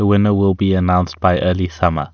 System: none